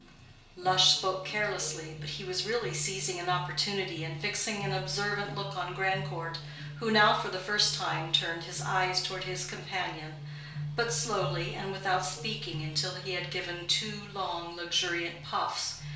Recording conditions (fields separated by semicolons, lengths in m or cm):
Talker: one person; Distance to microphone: 1.0 m; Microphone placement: close; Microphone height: 1.1 m; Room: small (3.7 m by 2.7 m); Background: music